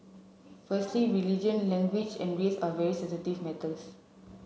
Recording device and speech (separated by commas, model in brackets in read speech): mobile phone (Samsung C7), read sentence